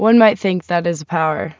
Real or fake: real